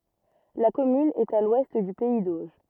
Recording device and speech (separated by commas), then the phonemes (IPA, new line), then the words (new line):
rigid in-ear microphone, read sentence
la kɔmyn ɛt a lwɛst dy pɛi doʒ
La commune est à l'ouest du pays d'Auge.